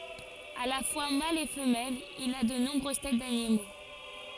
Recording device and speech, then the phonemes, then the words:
forehead accelerometer, read sentence
a la fwa mal e fəmɛl il a də nɔ̃bʁøz tɛt danimo
À la fois mâle et femelle, il a de nombreuses têtes d'animaux.

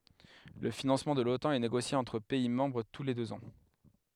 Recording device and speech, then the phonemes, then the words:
headset microphone, read sentence
lə finɑ̃smɑ̃ də lotɑ̃ ɛ neɡosje ɑ̃tʁ pɛi mɑ̃bʁ tu le døz ɑ̃
Le financement de l'Otan est négocié entre pays membres tous les deux ans.

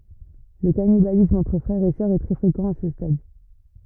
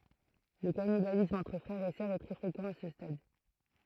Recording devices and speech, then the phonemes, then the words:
rigid in-ear microphone, throat microphone, read sentence
lə kanibalism ɑ̃tʁ fʁɛʁz e sœʁz ɛ tʁɛ fʁekɑ̃ a sə stad
Le cannibalisme entre frères et sœurs est très fréquent à ce stade.

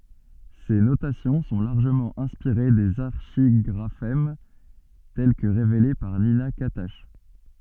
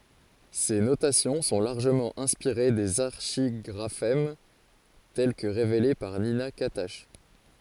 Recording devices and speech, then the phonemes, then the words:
soft in-ear microphone, forehead accelerometer, read sentence
se notasjɔ̃ sɔ̃ laʁʒəmɑ̃ ɛ̃spiʁe dez aʁʃiɡʁafɛm tɛl kə ʁevele paʁ nina katak
Ces notations sont largement inspirées des archigraphèmes tels que révélés par Nina Catach.

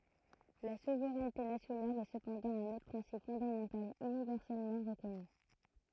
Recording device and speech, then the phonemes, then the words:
throat microphone, read sentence
la suvʁɛnte nasjonal ɛ səpɑ̃dɑ̃ œ̃n otʁ pʁɛ̃sip fɔ̃damɑ̃tal ynivɛʁsɛlmɑ̃ ʁəkɔny
La souveraineté nationale est cependant un autre principe fondamental universellement reconnu.

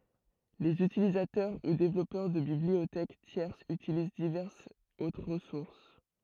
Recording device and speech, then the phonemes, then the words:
throat microphone, read sentence
lez ytilizatœʁ u devlɔpœʁ də bibliotɛk tjɛʁsz ytiliz divɛʁsz otʁ ʁəsuʁs
Les utilisateurs ou développeurs de bibliothèques tierces utilisent diverses autres ressources.

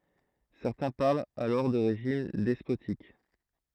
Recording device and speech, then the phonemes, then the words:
throat microphone, read sentence
sɛʁtɛ̃ paʁlt alɔʁ də ʁeʒim dɛspotik
Certains parlent alors de régime despotique.

